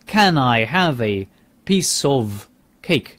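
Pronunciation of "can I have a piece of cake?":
In 'can I have a piece of cake?', the words are linked together, as a native speaker would say them.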